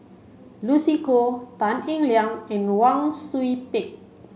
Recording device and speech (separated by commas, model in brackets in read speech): mobile phone (Samsung C5), read sentence